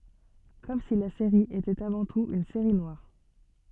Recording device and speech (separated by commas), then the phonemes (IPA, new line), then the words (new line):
soft in-ear microphone, read sentence
kɔm si la seʁi etɛt avɑ̃ tut yn seʁi nwaʁ
Comme si la série était avant tout une série noire.